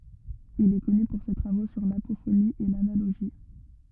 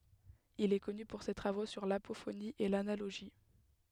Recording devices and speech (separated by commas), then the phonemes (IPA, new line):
rigid in-ear microphone, headset microphone, read sentence
il ɛ kɔny puʁ se tʁavo syʁ lapofoni e lanaloʒi